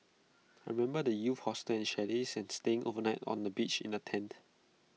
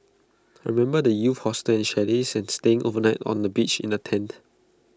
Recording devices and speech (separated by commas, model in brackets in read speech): mobile phone (iPhone 6), close-talking microphone (WH20), read sentence